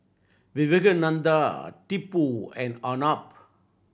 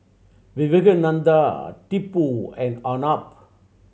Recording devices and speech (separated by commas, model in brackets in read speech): boundary microphone (BM630), mobile phone (Samsung C7100), read sentence